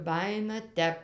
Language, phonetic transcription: Lithuanian, ˈbajina ˈtep

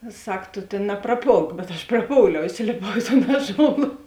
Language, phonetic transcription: Lithuanian, i ˈsak ˈto ˈtėn napraˈpolk bet aš praˈpouliau iˈsilėpau i ton ˈaˌžola

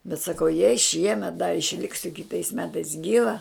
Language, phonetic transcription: Lithuanian, bet saˈkau jei ˈšiemet dar išˈliksiu kiˈtais ˈmetais ˈgyva

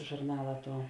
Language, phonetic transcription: Lithuanian, žurˈnala ˈtuo

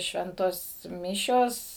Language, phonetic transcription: Lithuanian, ˈšventos ˈmišios

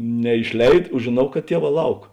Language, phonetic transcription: Lithuanian, neišˈleid o žėˈnau kad ˈtieˌvā ˈlauk

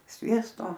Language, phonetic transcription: Lithuanian, ˈsviesto

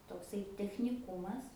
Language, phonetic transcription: Lithuanian, tokˈsai techniˈkumas

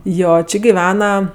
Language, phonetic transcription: Lithuanian, ˈjo ˈči giˈvena

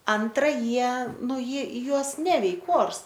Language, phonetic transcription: Lithuanian, ˈantra ˈjie ˈnu ˈjie ˈjuos ˈneveik ˈors

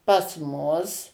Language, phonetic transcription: Lithuanian, pas ˈmus

